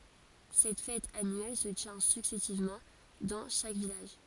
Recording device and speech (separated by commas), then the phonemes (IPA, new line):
forehead accelerometer, read sentence
sɛt fɛt anyɛl sə tjɛ̃ syksɛsivmɑ̃ dɑ̃ ʃak vilaʒ